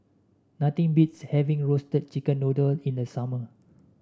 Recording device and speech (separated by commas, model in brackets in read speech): standing microphone (AKG C214), read sentence